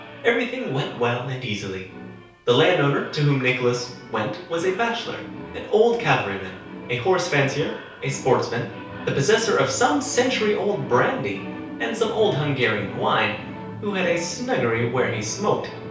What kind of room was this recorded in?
A compact room (about 3.7 m by 2.7 m).